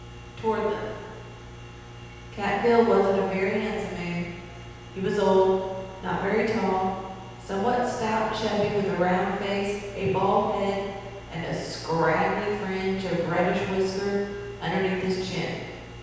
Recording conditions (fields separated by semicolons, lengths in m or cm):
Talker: one person; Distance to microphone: 7.1 m; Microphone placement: far; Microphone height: 1.7 m; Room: very reverberant, large; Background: none